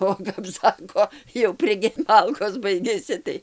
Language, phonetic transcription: Lithuanian, o kap ˈsako jau priˈge ˈmalkos ˈbaigiasi tai

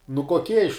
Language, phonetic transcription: Lithuanian, nu koˈkie iš

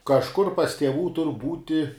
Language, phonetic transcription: Lithuanian, kažˈkur pas tieˈvų tur ˈbūti

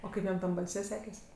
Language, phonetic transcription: Lithuanian, o ˈkaip jam ˈtam balˈse ˈsekės

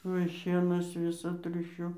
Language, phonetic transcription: Lithuanian, ˈuoj ˈšienas ˈvisa ˈtriušiu

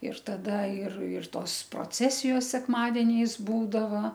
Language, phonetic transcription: Lithuanian, ir taˈda ir ir ˈtos proˈcesijos sekˈmadeniais ˈbūdava

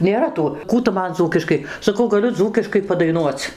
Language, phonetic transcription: Lithuanian, nėˈra ˈtų ˈkų tu ˈman ˈdzūkiškai saˈkau gaˈliu ˈdzūkiškai padaiˈnuoc

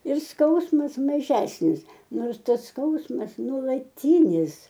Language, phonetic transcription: Lithuanian, ir ˈskausmas maˈžesnis ˈnors ˈtas ˈskausmas nuolaˈtynis

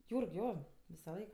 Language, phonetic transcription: Lithuanian, ˈjūrg ˈjo visaˈlaik

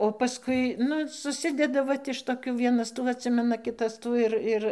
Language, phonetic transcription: Lithuanian, o paˈskui ˈnu suˈsideda ˈvat iš toˈkių ˈvienas ˈtų atˈsimena ˈkitas ˈtų ir ˈir

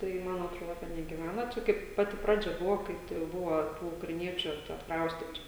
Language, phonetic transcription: Lithuanian, ˈtai ˈman atˈroda negiˈvæna ˈčia ˈkaip ˈpati ˈpradžiaˈ buvo ˈkai tai jau ˈbuva ˈtų ukraiˈniečiu čia atkˈraustitu

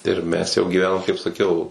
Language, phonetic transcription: Lithuanian, ir ˈmes jau gyˈvenom kaip saˈkiau

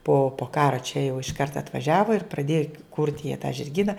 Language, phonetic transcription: Lithuanian, po po ˈkara čia jau išˈkart atvaˈžiava ir praˈdėja kurt' jie tą žirˈgyna

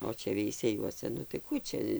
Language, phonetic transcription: Lithuanian, o ˈčia veiseˈjuose nu tai ˈkų čia

